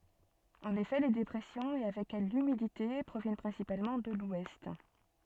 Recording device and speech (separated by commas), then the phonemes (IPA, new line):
soft in-ear microphone, read sentence
ɑ̃n efɛ le depʁɛsjɔ̃z e avɛk ɛl lymidite pʁovjɛn pʁɛ̃sipalmɑ̃ də lwɛst